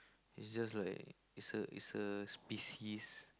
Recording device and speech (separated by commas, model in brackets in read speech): close-talking microphone, conversation in the same room